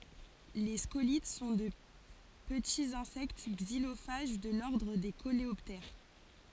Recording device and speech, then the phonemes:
forehead accelerometer, read sentence
le skolit sɔ̃ də pətiz ɛ̃sɛkt ɡzilofaʒ də lɔʁdʁ de koleɔptɛʁ

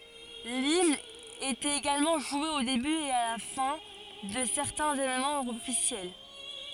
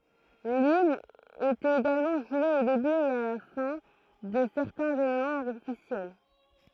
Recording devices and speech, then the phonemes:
forehead accelerometer, throat microphone, read sentence
limn etɛt eɡalmɑ̃ ʒwe o deby e la fɛ̃ də sɛʁtɛ̃z evenmɑ̃z ɔfisjɛl

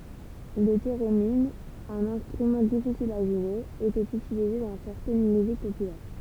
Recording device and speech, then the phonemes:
temple vibration pickup, read sentence
lə teʁemin œ̃n ɛ̃stʁymɑ̃ difisil a ʒwe etɛt ytilize dɑ̃ sɛʁtɛn myzik popylɛʁ

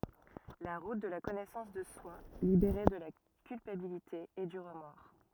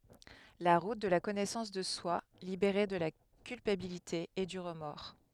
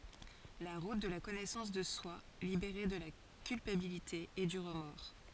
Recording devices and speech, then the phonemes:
rigid in-ear microphone, headset microphone, forehead accelerometer, read sentence
la ʁut də la kɔnɛsɑ̃s də swa libeʁe də la kylpabilite e dy ʁəmɔʁ

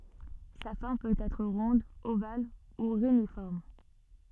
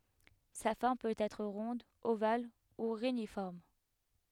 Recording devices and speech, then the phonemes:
soft in-ear microphone, headset microphone, read sentence
sa fɔʁm pøt ɛtʁ ʁɔ̃d oval u ʁenifɔʁm

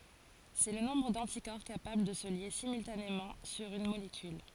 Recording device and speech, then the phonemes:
forehead accelerometer, read sentence
sɛ lə nɔ̃bʁ dɑ̃tikɔʁ kapabl də sə lje simyltanemɑ̃ syʁ yn molekyl

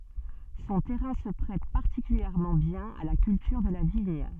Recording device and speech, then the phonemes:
soft in-ear microphone, read sentence
sɔ̃ tɛʁɛ̃ sə pʁɛt paʁtikyljɛʁmɑ̃ bjɛ̃n a la kyltyʁ də la viɲ

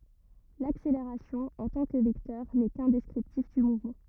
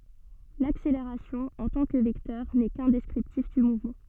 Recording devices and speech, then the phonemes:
rigid in-ear microphone, soft in-ear microphone, read sentence
lakseleʁasjɔ̃ ɑ̃ tɑ̃ kə vɛktœʁ nɛ kœ̃ dɛskʁiptif dy muvmɑ̃

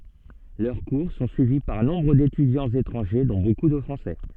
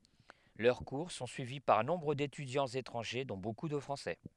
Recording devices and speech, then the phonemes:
soft in-ear microphone, headset microphone, read sentence
lœʁ kuʁ sɔ̃ syivi paʁ nɔ̃bʁ detydjɑ̃z etʁɑ̃ʒe dɔ̃ boku də fʁɑ̃sɛ

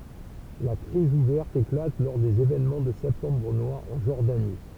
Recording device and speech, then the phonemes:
temple vibration pickup, read sentence
la kʁiz uvɛʁt eklat lɔʁ dez evenmɑ̃ də sɛptɑ̃bʁ nwaʁ ɑ̃ ʒɔʁdani

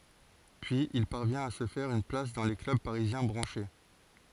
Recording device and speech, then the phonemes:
forehead accelerometer, read sentence
pyiz il paʁvjɛ̃t a sə fɛʁ yn plas dɑ̃ le klœb paʁizjɛ̃ bʁɑ̃ʃe

